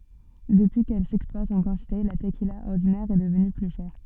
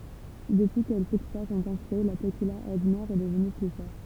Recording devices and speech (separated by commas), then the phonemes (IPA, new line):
soft in-ear microphone, temple vibration pickup, read sentence
dəpyi kɛl sɛkspɔʁt ɑ̃ kɑ̃tite la təkila ɔʁdinɛʁ ɛ dəvny ply ʃɛʁ